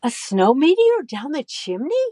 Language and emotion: English, surprised